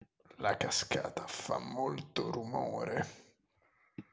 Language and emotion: Italian, disgusted